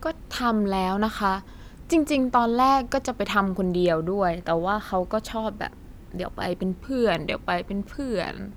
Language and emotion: Thai, frustrated